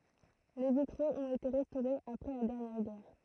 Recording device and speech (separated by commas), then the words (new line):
throat microphone, read sentence
Les vitraux ont été restaurés après la dernière guerre.